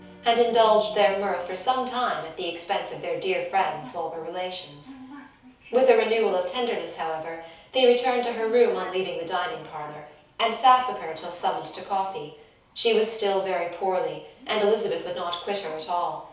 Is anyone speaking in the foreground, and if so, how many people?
One person.